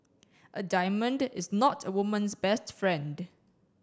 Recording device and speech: standing microphone (AKG C214), read sentence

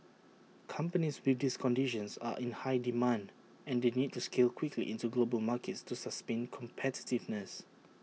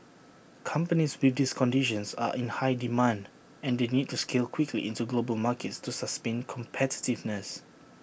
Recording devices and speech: mobile phone (iPhone 6), boundary microphone (BM630), read sentence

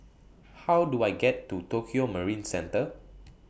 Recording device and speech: boundary microphone (BM630), read sentence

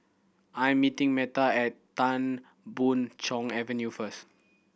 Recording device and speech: boundary microphone (BM630), read sentence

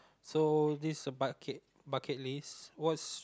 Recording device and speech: close-talking microphone, conversation in the same room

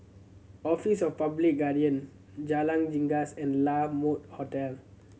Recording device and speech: mobile phone (Samsung C7100), read sentence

